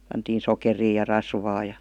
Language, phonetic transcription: Finnish, pantiin 'sokerii ja 'rasvaa ja .
- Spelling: pantiin sokeria ja rasvaa ja

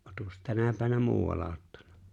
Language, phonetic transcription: Finnish, ᵒttakos 'tänä pänä "muu₍al̆la 'ottaɴ̆ɴᴀ ?
- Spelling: olettekos tänä päivänä muualla ottanut

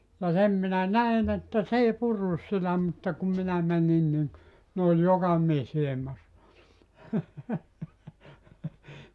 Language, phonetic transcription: Finnish, ja 'sem minä 'näin ‿että "s ‿ei 'purrus sitä 'mutta kum 'minä 'mänin niŋ , 'ne oĺ "joka mies 'ilᵉmas(sa) .
- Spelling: ja sen minä näin että se ei purrut sitä mutta kun minä menin niin ne oli joka mies ilmassa

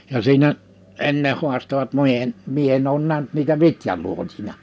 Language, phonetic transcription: Finnish, ja 'siinä , 'enne 'hu̬astovat 'mie , 'mie enn ‿oon 'näh(ny)t niitä 'vitjaluotina .
- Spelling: ja siinä ennen haastoivat minä minä en ole nähnyt niitä vitjaluotina

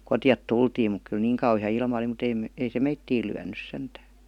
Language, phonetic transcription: Finnish, 'kotⁱjat "tultiim muk kyl "niiŋ kauhi₍a 'ilma °li mut ‿'eim- , 'ei se "meittiil lyän̆nys 'sentää .
- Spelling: kotia tultiin mutta kyllä niin kauhea ilma oli mutta - ei se meitä lyönyt sentään

